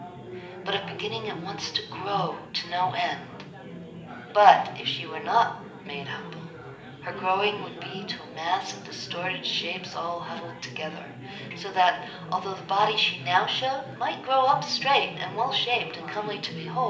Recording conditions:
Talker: one person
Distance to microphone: 1.8 m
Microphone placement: close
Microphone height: 1.0 m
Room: large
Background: babble

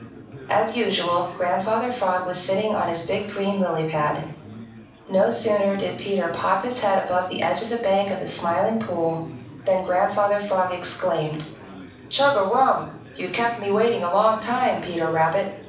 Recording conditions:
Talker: one person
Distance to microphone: 5.8 m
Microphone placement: far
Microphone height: 1.8 m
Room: medium-sized (5.7 m by 4.0 m)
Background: babble

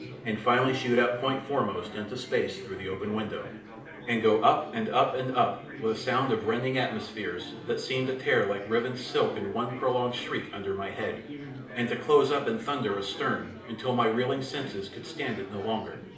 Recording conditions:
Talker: one person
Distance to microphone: 2.0 m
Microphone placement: close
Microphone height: 99 cm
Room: medium-sized (5.7 m by 4.0 m)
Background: babble

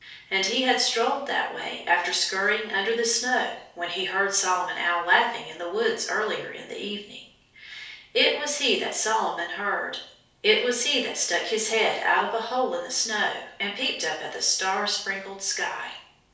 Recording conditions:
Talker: one person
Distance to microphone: 3.0 m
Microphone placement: far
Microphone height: 1.8 m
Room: small (3.7 m by 2.7 m)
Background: none

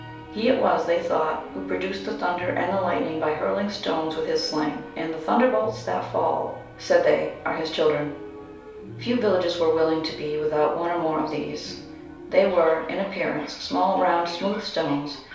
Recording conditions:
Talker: one person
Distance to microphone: 3.0 m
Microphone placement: far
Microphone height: 1.8 m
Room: small (3.7 m by 2.7 m)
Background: television

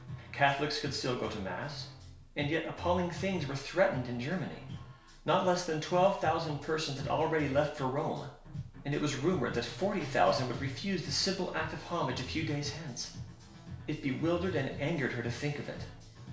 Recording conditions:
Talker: one person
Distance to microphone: 1.0 m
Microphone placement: close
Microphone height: 1.1 m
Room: small (3.7 m by 2.7 m)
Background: music

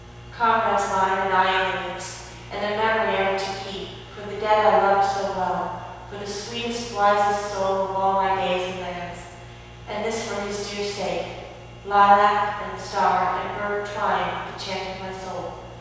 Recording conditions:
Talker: one person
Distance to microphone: 7.1 m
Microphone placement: far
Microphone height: 1.7 m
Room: very reverberant, large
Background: none

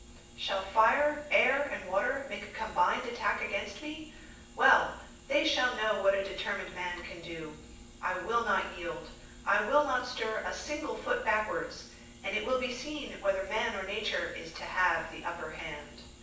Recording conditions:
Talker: one person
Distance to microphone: 9.8 m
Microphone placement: far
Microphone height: 1.8 m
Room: large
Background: none

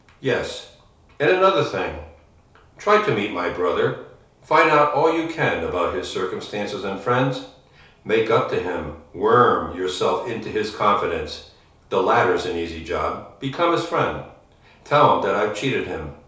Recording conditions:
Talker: one person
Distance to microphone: 3.0 m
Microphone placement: far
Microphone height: 1.8 m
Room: small (3.7 m by 2.7 m)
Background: none

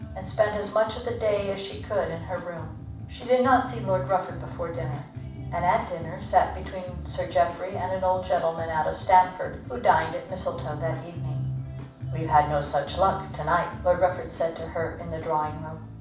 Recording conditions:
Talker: one person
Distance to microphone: 5.8 m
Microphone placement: far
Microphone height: 1.8 m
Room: medium-sized (5.7 m by 4.0 m)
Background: music

